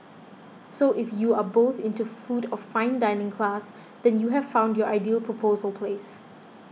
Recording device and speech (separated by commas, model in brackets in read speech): mobile phone (iPhone 6), read sentence